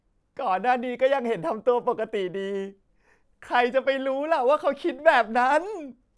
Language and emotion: Thai, sad